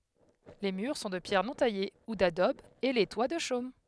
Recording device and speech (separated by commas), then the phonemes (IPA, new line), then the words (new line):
headset microphone, read sentence
le myʁ sɔ̃ də pjɛʁ nɔ̃ taje u dadɔb e le twa də ʃom
Les murs sont de pierre non taillée ou d'adobe, et les toits de chaume.